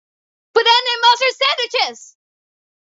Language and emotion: English, surprised